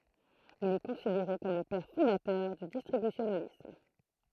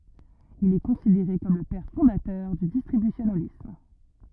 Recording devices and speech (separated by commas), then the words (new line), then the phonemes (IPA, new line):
throat microphone, rigid in-ear microphone, read sentence
Il est considéré comme le père fondateur du distributionalisme.
il ɛ kɔ̃sideʁe kɔm lə pɛʁ fɔ̃datœʁ dy distʁibysjonalism